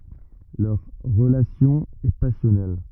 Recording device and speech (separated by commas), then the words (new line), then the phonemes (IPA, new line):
rigid in-ear microphone, read sentence
Leur relation est passionnelle.
lœʁ ʁəlasjɔ̃ ɛ pasjɔnɛl